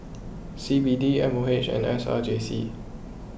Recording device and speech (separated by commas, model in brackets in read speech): boundary microphone (BM630), read sentence